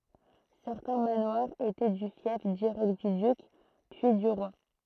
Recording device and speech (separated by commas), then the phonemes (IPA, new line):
throat microphone, read sentence
sɛʁtɛ̃ manwaʁz etɛ dy fjɛf diʁɛkt dy dyk pyi dy ʁwa